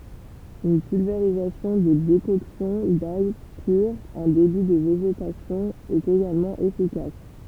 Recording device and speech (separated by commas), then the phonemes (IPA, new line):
temple vibration pickup, read sentence
yn pylveʁizasjɔ̃ də dekɔksjɔ̃ daj pyʁ ɑ̃ deby də veʒetasjɔ̃ ɛt eɡalmɑ̃ efikas